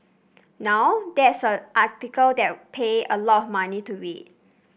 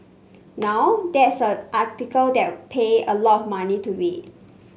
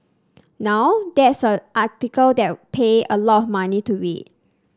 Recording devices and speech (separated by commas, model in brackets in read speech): boundary microphone (BM630), mobile phone (Samsung C5), standing microphone (AKG C214), read sentence